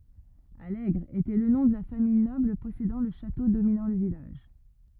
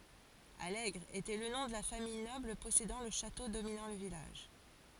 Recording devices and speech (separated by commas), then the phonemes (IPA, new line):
rigid in-ear microphone, forehead accelerometer, read sentence
alɛɡʁ etɛ lə nɔ̃ də la famij nɔbl pɔsedɑ̃ lə ʃato dominɑ̃ lə vilaʒ